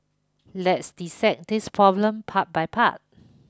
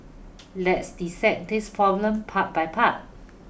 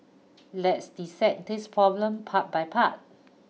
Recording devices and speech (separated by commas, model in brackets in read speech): close-talking microphone (WH20), boundary microphone (BM630), mobile phone (iPhone 6), read sentence